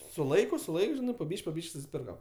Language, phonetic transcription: Lithuanian, su ˈlaiku su ˈlaik ˈžinai po ˈbyš'k' po ˈbyš'k' susiˈpirkam

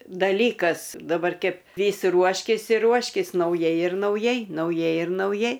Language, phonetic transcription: Lithuanian, daˈlykas daˈbar ˈkep ˈvys ˈruoškis ir ˈruoškis nauˈjai ir nauˈjai nauˈjai ir nauˈjai

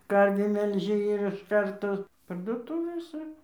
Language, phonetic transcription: Lithuanian, ˈkarvį melˈži ir iš ˈkarto parduoˈtuvėse

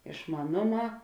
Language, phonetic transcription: Lithuanian, išmaˈnoˌmā

